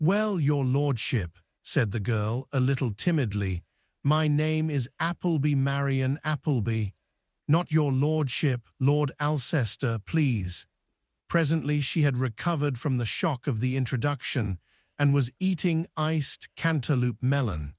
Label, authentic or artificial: artificial